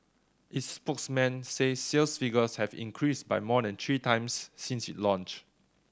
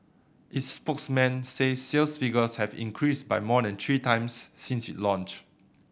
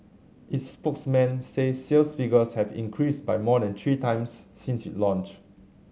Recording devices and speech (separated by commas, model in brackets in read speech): standing microphone (AKG C214), boundary microphone (BM630), mobile phone (Samsung C7100), read sentence